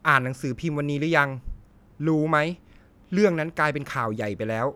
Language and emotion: Thai, frustrated